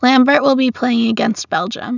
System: none